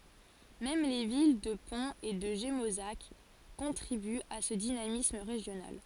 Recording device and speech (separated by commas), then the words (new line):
forehead accelerometer, read sentence
Même les villes de Pons et de Gémozac contribuent à ce dynamisme régional.